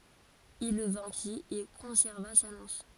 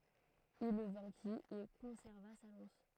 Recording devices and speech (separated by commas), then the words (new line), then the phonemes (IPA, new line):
forehead accelerometer, throat microphone, read sentence
Il le vainquit et conserva sa lance.
il lə vɛ̃ki e kɔ̃sɛʁva sa lɑ̃s